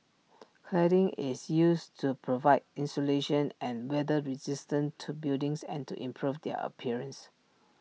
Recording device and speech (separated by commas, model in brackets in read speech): mobile phone (iPhone 6), read sentence